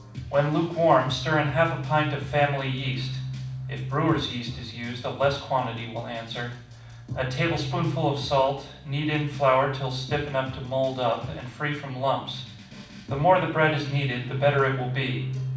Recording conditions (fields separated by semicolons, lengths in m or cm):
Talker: one person; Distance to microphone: 5.8 m; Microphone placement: far; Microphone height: 1.8 m; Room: medium-sized (5.7 m by 4.0 m); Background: music